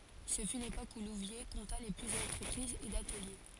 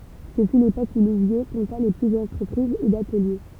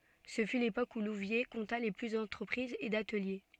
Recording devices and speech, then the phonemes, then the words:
forehead accelerometer, temple vibration pickup, soft in-ear microphone, read sentence
sə fy lepok u luvje kɔ̃ta lə ply dɑ̃tʁəpʁizz e datəlje
Ce fut l'époque où Louviers compta le plus d'entreprises et d'ateliers.

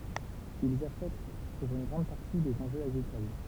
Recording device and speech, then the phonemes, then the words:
temple vibration pickup, read sentence
ilz afɛkt puʁ yn ɡʁɑ̃d paʁti dez ɑ̃ʒøz aɡʁikol
Ils affectent pour une grande partie des enjeux agricoles.

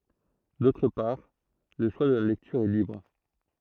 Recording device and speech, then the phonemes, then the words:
throat microphone, read sentence
dotʁ paʁ lə ʃwa də la lɛktyʁ ɛ libʁ
D'autre part, le choix de la lecture est libre.

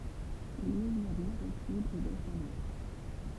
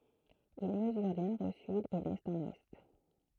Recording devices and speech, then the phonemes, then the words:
temple vibration pickup, throat microphone, read sentence
il məzyʁ dy nɔʁ o syd e dɛst ɑ̃n wɛst
Il mesure du nord au sud et d'est en ouest.

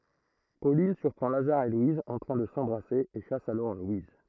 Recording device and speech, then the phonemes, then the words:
throat microphone, read sentence
polin syʁpʁɑ̃ lazaʁ e lwiz ɑ̃ tʁɛ̃ də sɑ̃bʁase e ʃas alɔʁ lwiz
Pauline surprend Lazare et Louise en train de s'embrasser et chasse alors Louise.

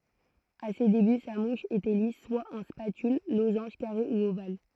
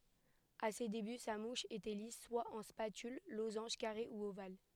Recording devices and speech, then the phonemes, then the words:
throat microphone, headset microphone, read sentence
a se deby sa muʃ etɛ lis swa ɑ̃ spatyl lozɑ̃ʒ kaʁe u oval
À ses débuts sa mouche était lisse, soit en spatule, losange, carré, ou ovale.

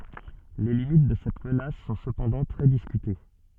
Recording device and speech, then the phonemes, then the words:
soft in-ear microphone, read sentence
le limit də sɛt mənas sɔ̃ səpɑ̃dɑ̃ tʁɛ diskyte
Les limites de cette menace sont cependant très discutées.

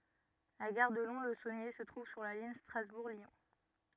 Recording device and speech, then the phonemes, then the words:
rigid in-ear microphone, read sentence
la ɡaʁ də lɔ̃slzonje sə tʁuv syʁ la liɲ stʁazbuʁ ljɔ̃
La gare de Lons-le-Saunier se trouve sur la ligne Strasbourg - Lyon.

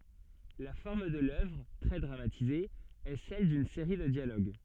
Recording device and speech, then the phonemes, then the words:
soft in-ear microphone, read sentence
la fɔʁm də lœvʁ tʁɛ dʁamatize ɛ sɛl dyn seʁi də djaloɡ
La forme de l'œuvre - très dramatisée - est celle d'une série de dialogues.

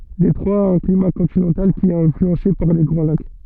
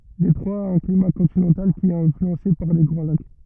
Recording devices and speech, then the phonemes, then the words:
soft in-ear microphone, rigid in-ear microphone, read sentence
detʁwa a œ̃ klima kɔ̃tinɑ̃tal ki ɛt ɛ̃flyɑ̃se paʁ le ɡʁɑ̃ lak
Détroit a un climat continental, qui est influencé par les Grands Lacs.

